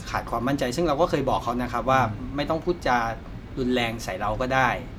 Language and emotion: Thai, frustrated